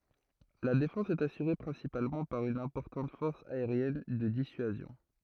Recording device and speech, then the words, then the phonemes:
throat microphone, read sentence
La défense est assurée principalement par une importante force aérienne de dissuasion.
la defɑ̃s ɛt asyʁe pʁɛ̃sipalmɑ̃ paʁ yn ɛ̃pɔʁtɑ̃t fɔʁs aeʁjɛn də disyazjɔ̃

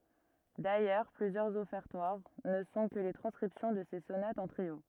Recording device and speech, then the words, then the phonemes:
rigid in-ear microphone, read sentence
D'ailleurs, plusieurs Offertoires ne sont que les transcriptions de ses sonates en trio.
dajœʁ plyzjœʁz ɔfɛʁtwaʁ nə sɔ̃ kə le tʁɑ̃skʁipsjɔ̃ də se sonatz ɑ̃ tʁio

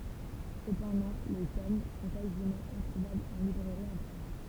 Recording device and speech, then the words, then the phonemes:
temple vibration pickup, read sentence
Cependant, les tomes sont quasiment introuvables en librairie en France.
səpɑ̃dɑ̃ le tom sɔ̃ kazimɑ̃ ɛ̃tʁuvablz ɑ̃ libʁɛʁi ɑ̃ fʁɑ̃s

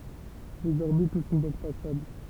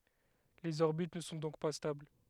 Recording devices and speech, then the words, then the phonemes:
temple vibration pickup, headset microphone, read sentence
Les orbites ne sont donc pas stables.
lez ɔʁbit nə sɔ̃ dɔ̃k pa stabl

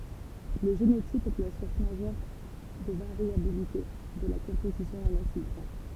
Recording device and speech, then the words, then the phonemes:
temple vibration pickup, read sentence
Le génotype est la source majeure de variabilité de la composition en acides gras.
lə ʒenotip ɛ la suʁs maʒœʁ də vaʁjabilite də la kɔ̃pozisjɔ̃ ɑ̃n asid ɡʁa

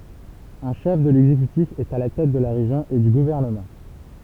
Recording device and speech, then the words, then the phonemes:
temple vibration pickup, read sentence
Un chef de l'exécutif est à la tête de la région et du gouvernement.
œ̃ ʃɛf də lɛɡzekytif ɛt a la tɛt də la ʁeʒjɔ̃ e dy ɡuvɛʁnəmɑ̃

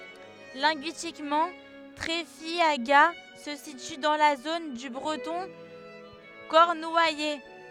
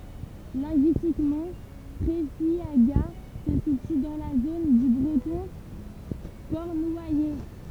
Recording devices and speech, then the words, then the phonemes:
headset microphone, temple vibration pickup, read sentence
Linguistiquement, Treffiagat se situe dans la zone du breton cornouaillais.
lɛ̃ɡyistikmɑ̃ tʁɛfjaɡa sə sity dɑ̃ la zon dy bʁətɔ̃ kɔʁnwajɛ

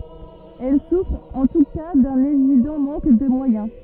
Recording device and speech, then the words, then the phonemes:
rigid in-ear microphone, read sentence
Elles souffrent en tout cas d’un évident manque de moyens.
ɛl sufʁt ɑ̃ tu ka dœ̃n evidɑ̃ mɑ̃k də mwajɛ̃

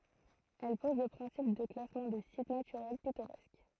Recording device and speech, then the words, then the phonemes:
throat microphone, read sentence
Elle pose le principe de classement des sites naturels pittoresques.
ɛl pɔz lə pʁɛ̃sip də klasmɑ̃ de sit natyʁɛl pitoʁɛsk

